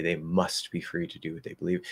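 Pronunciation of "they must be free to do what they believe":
'Must' is stressed and carries the focus, with more stress than the word before it.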